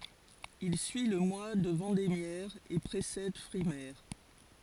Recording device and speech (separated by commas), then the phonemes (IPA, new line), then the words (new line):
forehead accelerometer, read sentence
il syi lə mwa də vɑ̃demjɛʁ e pʁesɛd fʁimɛʁ
Il suit le mois de vendémiaire et précède frimaire.